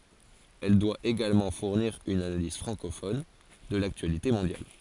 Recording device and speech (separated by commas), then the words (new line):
forehead accelerometer, read sentence
Elle doit également fournir une analyse francophone de l'actualité mondiale.